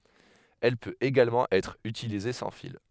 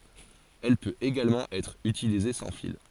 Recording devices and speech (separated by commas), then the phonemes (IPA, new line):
headset microphone, forehead accelerometer, read sentence
ɛl pøt eɡalmɑ̃ ɛtʁ ytilize sɑ̃ fil